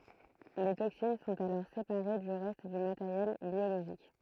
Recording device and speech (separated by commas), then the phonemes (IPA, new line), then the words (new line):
throat microphone, read sentence
le toksin sɔ̃t alɔʁ sepaʁe dy ʁɛst dy mateʁjɛl bjoloʒik
Les toxines sont alors séparées du reste du matériel biologique.